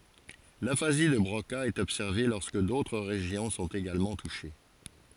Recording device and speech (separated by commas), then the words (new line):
forehead accelerometer, read sentence
L'aphasie de Broca est observée lorsque d'autres régions sont également touchées.